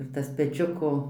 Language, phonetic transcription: Lithuanian, ir ˈtas peˈčiuko

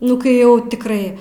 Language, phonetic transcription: Lithuanian, ˈnu kai ˈjau tikˈrai

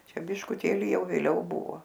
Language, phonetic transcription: Lithuanian, ˈčia biškuˈtėli ˈjau vėˈliau ˈbuvo

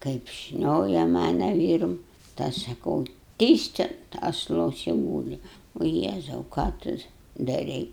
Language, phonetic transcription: Lithuanian, kaip ˈšnioja ˈmana ˈvyrum tai ˈaš saˈkau ˈtyst ant asˈlos i ˈgūli o ˈjėzau ką ˈtu daˈrei

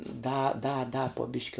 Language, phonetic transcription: Lithuanian, da da da po ˈbiški

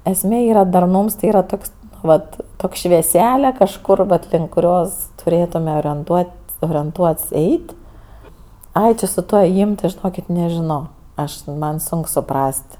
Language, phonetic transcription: Lithuanian, esˈmė ˈyra darˈnūms ti ˈyra ˈtoks ˈvat ˈtok' švieˈsele kažˈkur vat link kuˈrios tuˈrėtume orienˈtuot's' orienˈtuot's' ˈeit' ˈai ˈči su ˈtuo ėˈjym ti žiˈnokit nežiˈno ˈaš ˈman ˈsunk suˈpras't'

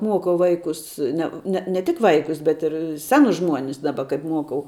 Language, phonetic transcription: Lithuanian, ˈmuokau ˈvaikus ˈne ne ne tik ˈvaikus bet ir ˈsenus ˈžmuonis ˈdaba kaip ˈmuokau

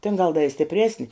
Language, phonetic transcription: Lithuanian, tin gal da i stipˈresni

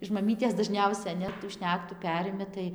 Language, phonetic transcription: Lithuanian, iš maˈmytės daˈžniausia ne tų ˈšnektų ˈperimi tai

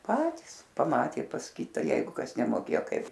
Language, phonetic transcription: Lithuanian, ˈpatys paˈmatė pas ˈkita ˈjeigu ˈkas nemoˈkėjo ˈkaip

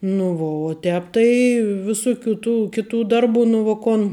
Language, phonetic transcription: Lithuanian, nu ˈvo o ˈtēp tai viˈsuˌkių tų ˈkiˌtų ˈdarˌbų nu vo ˈkon

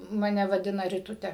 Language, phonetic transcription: Lithuanian, maˈne vaˈdina riˈtute

